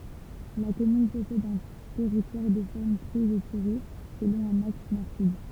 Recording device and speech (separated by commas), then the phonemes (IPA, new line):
temple vibration pickup, read sentence
la kɔmyn pɔsɛd œ̃ tɛʁitwaʁ də fɔʁm tʁɛz etiʁe səlɔ̃ œ̃n aks nɔʁ syd